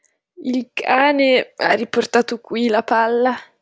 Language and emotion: Italian, disgusted